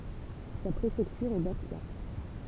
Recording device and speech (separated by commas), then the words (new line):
temple vibration pickup, read sentence
Sa préfecture est Bastia.